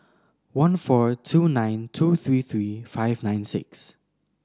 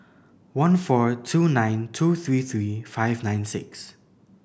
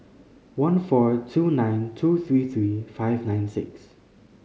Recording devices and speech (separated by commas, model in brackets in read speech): standing microphone (AKG C214), boundary microphone (BM630), mobile phone (Samsung C5010), read sentence